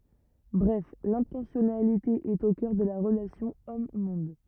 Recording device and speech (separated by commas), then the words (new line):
rigid in-ear microphone, read sentence
Bref l'intentionnalité est au cœur de la relation homme-monde.